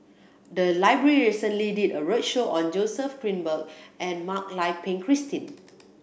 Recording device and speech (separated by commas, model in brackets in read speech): boundary microphone (BM630), read sentence